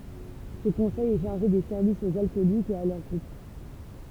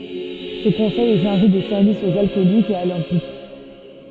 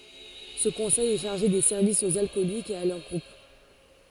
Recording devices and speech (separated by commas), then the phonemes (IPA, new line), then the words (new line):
temple vibration pickup, soft in-ear microphone, forehead accelerometer, read sentence
sə kɔ̃sɛj ɛ ʃaʁʒe de sɛʁvisz oz alkɔlikz e a lœʁ ɡʁup
Ce conseil est chargé des services aux alcooliques et à leurs groupes.